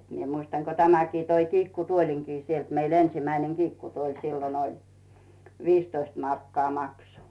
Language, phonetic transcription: Finnish, 'mie muistan ko 'tämäkii toi "kiikkutuoliŋkii sielt meil 'ensimäineŋ 'Giikkutuoĺ sillon ‿oĺ , "viistoist markkaa 'makso .
- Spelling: minä muistan kun tämäkin toi kiikkutuolinkin sieltä meillä ensimmäinen kiikkutuoli silloin oli viisitoista markkaa maksoi

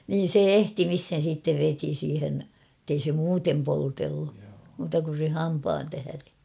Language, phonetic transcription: Finnish, niin̬ "se "ehtimishen̬ siittev 'veti siihen , [et]tei se 'muutem poltellu , muuta kun̬ se "hampaan tähäre .
- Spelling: niin se ehtimiseen sitten veti siihen että ei se muuten poltellut muuta kuin sen hampaan tähden

